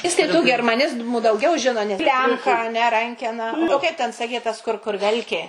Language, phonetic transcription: Lithuanian, ˈjis tai tų germaˈnizmu dauˈgiau ˈžino ne ˈklemka a ne ˈrankena o ˈkaip ten saˈkei tas kur ˈkur ˈvelkė

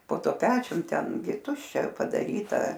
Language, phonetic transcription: Lithuanian, po ˈtuo ˈpečium ˈten gi ˈtuščia padaˈryta

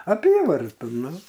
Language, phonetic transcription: Lithuanian, aˈpyvarta ˈnu

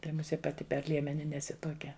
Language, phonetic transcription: Lithuanian, ˈtai muˈsie paˈti per ˈliemeni neˈsi tuoˈkia

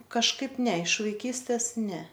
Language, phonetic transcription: Lithuanian, kažˈkaip ˈne iš vaiˈkystės ˈne

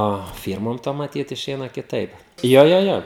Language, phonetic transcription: Lithuanian, o ˈfyrmom ˈtom maˈtyt iˈšeina kiˈtaip ˈjo ˈjo ˈjo

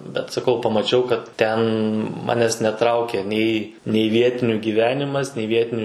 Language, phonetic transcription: Lithuanian, bet saˈkau pamaˈčiau kad ˈten ˈmanes neˈtraukia ˈnei nei ˈvietiniu gyˈvenimas nei ˈvietiniu

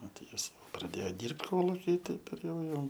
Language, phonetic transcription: Lithuanian, ˈnu tai ˈjis praˈdėjo ˈdyrbt ˈkoluky ˈtaip ir ˈjau ˈjau

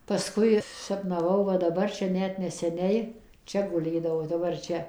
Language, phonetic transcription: Lithuanian, paˈskui sapnaˈvau ˈva daˈbar ˈčia ˈnet neseˈniai ˈčia guˈlėdavau daˈbar ˈčia

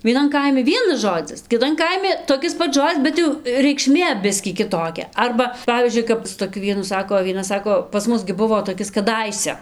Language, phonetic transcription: Lithuanian, vieˈnan ˈkaimi ˈvienas ˈžodzis kiˈtan ˈkaimi toˈkis ˈpats ˈžodzis ˈbet jau reikˈšmė ˈbiskį kiˈtokia ˈarba ˈpavyzdžiui kad su toˈkiu ˈvienu ˈsako o vieˈna ˈsako pas ˈmus gi ˈbuvo toˈkis kaˈdaise

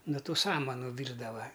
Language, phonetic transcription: Lithuanian, no ˈtų ˈsamanu ˈvyrdava

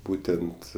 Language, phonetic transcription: Lithuanian, ˈbūtent

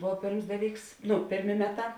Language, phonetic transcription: Lithuanian, ˈbov ˈpėrms ˈdaˌlyks ˈnu ˈpėrˌmė ˈmeˌtā

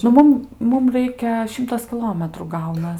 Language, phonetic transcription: Lithuanian, nu ˈmum ˈmum ˈraikia ˈšimtas kiˈlometrų ˈgaunas

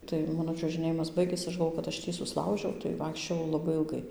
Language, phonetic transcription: Lithuanian, tai ˈmano čiuožɨˈnėjimas ˈbaigės ˈaš galˈvo kad ˈaš ˈtį susˈlaužiau tai ˈvaikščiojau laˈbai ilˈgai

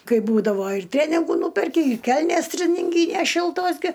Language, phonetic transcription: Lithuanian, ˈkai ˈbūdavo ir ˈtreningu ˈnūperki i ˈkelnes treninˈgynes ˈšiltos ˈgi

